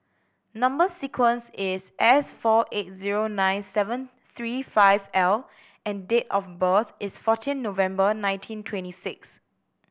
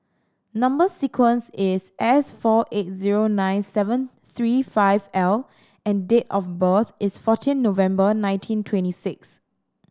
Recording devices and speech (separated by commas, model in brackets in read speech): boundary microphone (BM630), standing microphone (AKG C214), read sentence